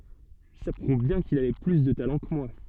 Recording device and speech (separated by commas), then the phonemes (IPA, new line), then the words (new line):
soft in-ear microphone, read sentence
sa pʁuv bjɛ̃ kil avɛ ply də talɑ̃ kə mwa
Ça prouve bien qu'il avait plus de talent que moi.